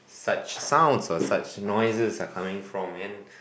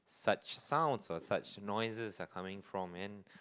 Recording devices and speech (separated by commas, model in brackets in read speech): boundary microphone, close-talking microphone, conversation in the same room